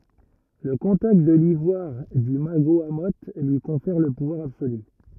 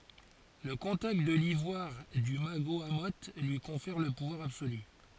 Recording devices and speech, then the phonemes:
rigid in-ear microphone, forehead accelerometer, read sentence
lə kɔ̃takt də livwaʁ dy maɡoamo lyi kɔ̃fɛʁ lə puvwaʁ absoly

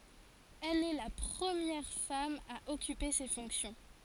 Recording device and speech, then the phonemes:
forehead accelerometer, read sentence
ɛl ɛ la pʁəmjɛʁ fam a ɔkype se fɔ̃ksjɔ̃

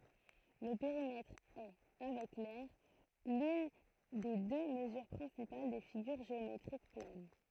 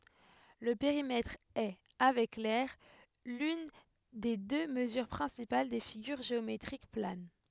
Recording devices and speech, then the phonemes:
throat microphone, headset microphone, read sentence
lə peʁimɛtʁ ɛ avɛk lɛʁ lyn de dø məzyʁ pʁɛ̃sipal de fiɡyʁ ʒeometʁik plan

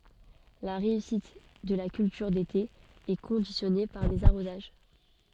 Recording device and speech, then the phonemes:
soft in-ear microphone, read sentence
la ʁeysit də la kyltyʁ dete ɛ kɔ̃disjɔne paʁ dez aʁozaʒ

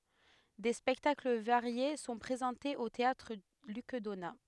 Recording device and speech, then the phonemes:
headset microphone, read sentence
de spɛktakl vaʁje sɔ̃ pʁezɑ̃tez o teatʁ lyk dona

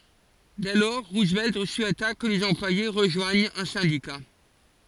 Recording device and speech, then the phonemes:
forehead accelerometer, read sentence
dɛ lɔʁ ʁuzvɛlt suɛta kə lez ɑ̃plwaje ʁəʒwaɲt œ̃ sɛ̃dika

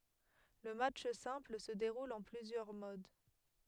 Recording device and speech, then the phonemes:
headset microphone, read sentence
lə matʃ sɛ̃pl sə deʁul ɑ̃ plyzjœʁ mod

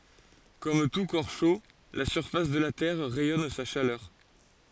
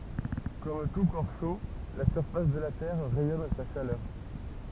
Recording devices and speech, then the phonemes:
forehead accelerometer, temple vibration pickup, read sentence
kɔm tu kɔʁ ʃo la syʁfas də la tɛʁ ʁɛjɔn sa ʃalœʁ

